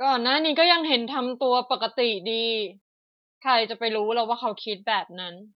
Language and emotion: Thai, frustrated